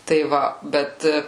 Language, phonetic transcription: Lithuanian, tai ˈva ˈbet

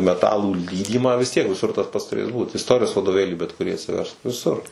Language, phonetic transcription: Lithuanian, meˈtalų ˈlydymą vis ˈtiek viˈsur tas ˈpats tuˈrės ˈbūt isˈtorijos vadoˈvėlį bet kuˈrį atsiˈversk viˈsur

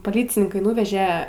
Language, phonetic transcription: Lithuanian, poˈlycininkai ˈnūveže

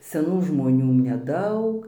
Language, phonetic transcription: Lithuanian, seˈnų žmoˈnių neˈdaug

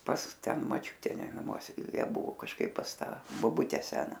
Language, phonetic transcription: Lithuanian, pas ˈten maˈčiūte naˈmuose ˈjie ˈbuvo kažˈkaip pas ˈta boˈbute ˈsena

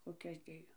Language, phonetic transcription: Lithuanian, koˈkias ˈdėjo

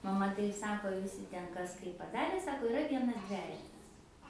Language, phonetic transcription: Lithuanian, maˈma ˈtaip ˈsako viˈsi ˈten ˈkas ˈkaip paˈdarė ˈsako iˈra ˈvienas ˈdvejetas

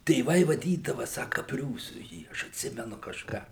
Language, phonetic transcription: Lithuanian, tėˈvai vaˈdydava ˈsaka ˈpriūsu ˈjį ˈaš atˈsimenu kažˈką

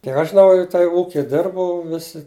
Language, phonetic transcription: Lithuanian, kiek aš žiˈnau jau tai ˈūki ˈdirbau ˈvisi

